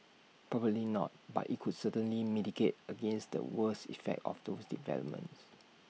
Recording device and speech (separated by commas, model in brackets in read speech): mobile phone (iPhone 6), read sentence